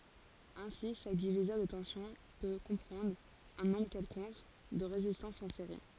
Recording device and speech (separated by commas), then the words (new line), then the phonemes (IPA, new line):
forehead accelerometer, read sentence
Aussi, chaque diviseur de tension peut comprendre un nombre quelconque de résistances en série.
osi ʃak divizœʁ də tɑ̃sjɔ̃ pø kɔ̃pʁɑ̃dʁ œ̃ nɔ̃bʁ kɛlkɔ̃k də ʁezistɑ̃sz ɑ̃ seʁi